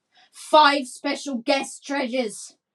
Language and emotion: English, angry